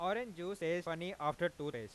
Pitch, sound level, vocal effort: 165 Hz, 97 dB SPL, normal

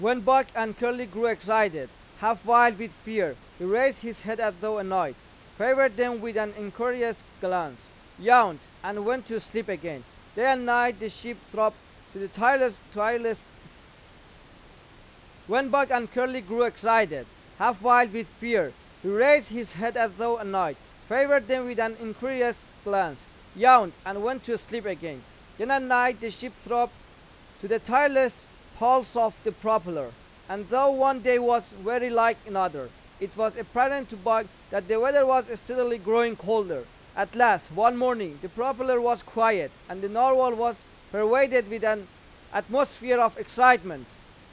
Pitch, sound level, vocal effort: 230 Hz, 98 dB SPL, very loud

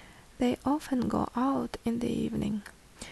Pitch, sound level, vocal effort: 255 Hz, 69 dB SPL, soft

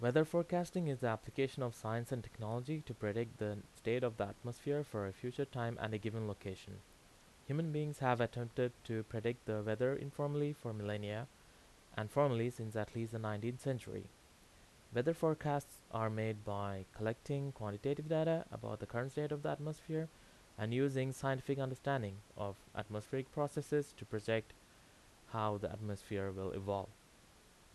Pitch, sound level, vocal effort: 120 Hz, 84 dB SPL, loud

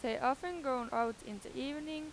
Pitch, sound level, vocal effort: 255 Hz, 90 dB SPL, loud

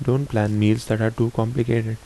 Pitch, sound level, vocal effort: 115 Hz, 74 dB SPL, soft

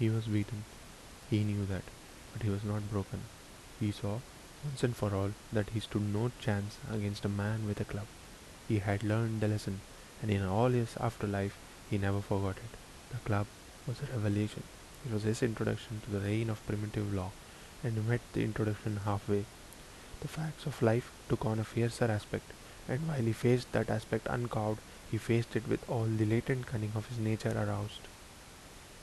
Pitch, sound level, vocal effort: 110 Hz, 74 dB SPL, soft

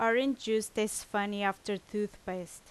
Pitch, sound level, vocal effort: 210 Hz, 86 dB SPL, loud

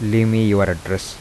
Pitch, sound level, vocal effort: 100 Hz, 82 dB SPL, soft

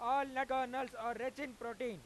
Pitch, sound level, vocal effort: 255 Hz, 105 dB SPL, very loud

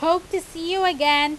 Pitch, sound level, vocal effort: 335 Hz, 94 dB SPL, very loud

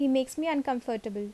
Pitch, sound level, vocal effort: 265 Hz, 80 dB SPL, normal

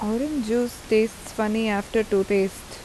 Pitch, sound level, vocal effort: 220 Hz, 84 dB SPL, normal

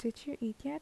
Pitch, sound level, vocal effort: 240 Hz, 74 dB SPL, soft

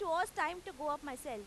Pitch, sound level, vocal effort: 310 Hz, 96 dB SPL, very loud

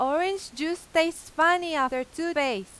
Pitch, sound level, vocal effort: 320 Hz, 93 dB SPL, very loud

